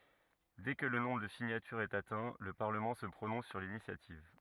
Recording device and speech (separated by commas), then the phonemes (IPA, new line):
rigid in-ear microphone, read sentence
dɛ kə lə nɔ̃bʁ də siɲatyʁz ɛt atɛ̃ lə paʁləmɑ̃ sə pʁonɔ̃s syʁ linisjativ